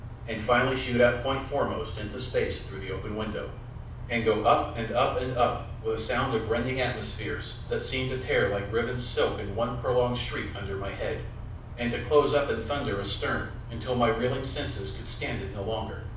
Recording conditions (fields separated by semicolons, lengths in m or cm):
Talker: one person; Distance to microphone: 5.8 m; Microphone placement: far; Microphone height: 1.8 m; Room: medium-sized (5.7 m by 4.0 m); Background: none